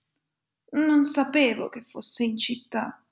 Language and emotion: Italian, sad